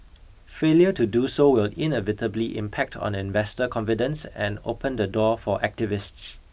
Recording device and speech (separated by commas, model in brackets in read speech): boundary microphone (BM630), read sentence